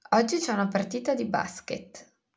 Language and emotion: Italian, neutral